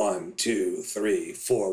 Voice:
in a raspy, dry voice